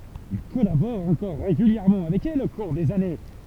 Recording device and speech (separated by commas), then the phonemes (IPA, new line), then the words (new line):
temple vibration pickup, read sentence
il kɔlabɔʁ ɑ̃kɔʁ ʁeɡyljɛʁmɑ̃ avɛk ɛl o kuʁ dez ane
Il collabore encore régulièrement avec elle au cours des années.